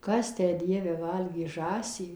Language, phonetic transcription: Lithuanian, ˈkas ˈtę ˈdieve ˈvalgė ˈžąsį

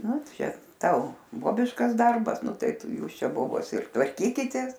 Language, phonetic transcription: Lithuanian, ˈnu ˈčia ˈtau ˈbobiškas ˈdarbas ˈnu ˈtai ˈtu ˈjūs ˈčia ˈbobos ir tvarˈkykitės

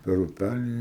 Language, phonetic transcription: Lithuanian, per uˈpælį

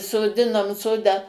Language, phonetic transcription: Lithuanian, soˈdinom ˈsodą

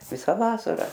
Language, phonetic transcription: Lithuanian, ˈvisa ˈvasara

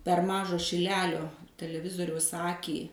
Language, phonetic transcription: Lithuanian, per ˈmažą šiˈlelio teleˈvizoriaus ˈakį

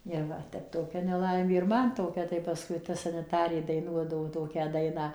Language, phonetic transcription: Lithuanian, ir ˈva ˈtep toˈkia neˈlaimė ir ˈman toˈkia tai paˈskui ta saniˈtarė daiˈnuodavo ˈtokią ˈdainą

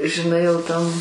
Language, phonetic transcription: Lithuanian, žiˈnai jau ˈtam

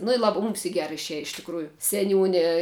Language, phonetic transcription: Lithuanian, nu i ˈlaba mūms i ˈgera išˈieja iš tikˈrųju seˈniūni

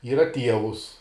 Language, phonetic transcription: Lithuanian, ˈyra ˈtievus

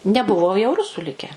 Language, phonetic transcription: Lithuanian, neˈbuvo jau ˈrusų ˈlike

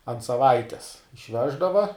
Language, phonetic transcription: Lithuanian, ant saˈvaites išˈveždava

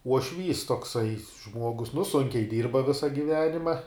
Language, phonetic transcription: Lithuanian, uoˈšvys tokˈsai ˈžmuogus nu ˈsunkiai ˈdyrba ˈvisa giˈvenima

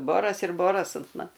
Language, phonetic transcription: Lithuanian, ˈboras ir ˈboras ant ˈman

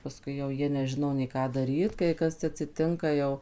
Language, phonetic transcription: Lithuanian, paˈskui jau ˈjie neˈžino nei ˈką daˈryt kai ˈkas atsiˈtinka jau

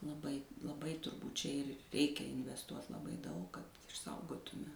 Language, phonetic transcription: Lithuanian, laˈbai laˈbai turˈbūt čia ir ˈreikia invesˈtuot laˈbai daug kad išˈsaugotume

